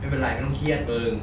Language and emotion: Thai, neutral